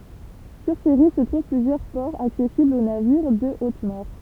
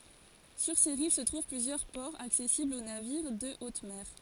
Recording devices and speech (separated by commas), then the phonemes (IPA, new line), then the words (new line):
temple vibration pickup, forehead accelerometer, read sentence
syʁ se ʁiv sə tʁuv plyzjœʁ pɔʁz aksɛsiblz o naviʁ də ot mɛʁ
Sur ses rives se trouvent plusieurs ports accessibles aux navires de haute mer.